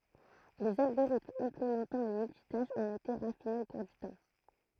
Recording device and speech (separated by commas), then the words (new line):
throat microphone, read sentence
Les algorithmes implémentant le multitâche ont été raffinés au cours du temps.